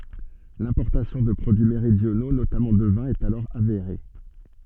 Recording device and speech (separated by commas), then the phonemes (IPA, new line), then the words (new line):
soft in-ear microphone, read sentence
lɛ̃pɔʁtasjɔ̃ də pʁodyi meʁidjono notamɑ̃ də vɛ̃ ɛt alɔʁ aveʁe
L'importation de produits méridionaux, notamment de vin, est alors avérée.